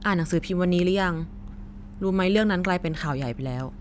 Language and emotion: Thai, neutral